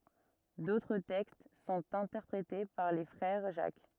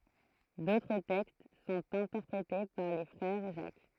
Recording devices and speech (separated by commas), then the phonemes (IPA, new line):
rigid in-ear microphone, throat microphone, read sentence
dotʁ tɛkst sɔ̃t ɛ̃tɛʁpʁete paʁ le fʁɛʁ ʒak